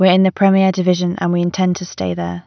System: none